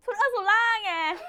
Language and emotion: Thai, happy